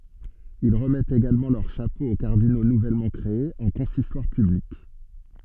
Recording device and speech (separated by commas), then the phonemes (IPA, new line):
soft in-ear microphone, read sentence
il ʁəmɛtt eɡalmɑ̃ lœʁ ʃapo o kaʁdino nuvɛlmɑ̃ kʁeez ɑ̃ kɔ̃sistwaʁ pyblik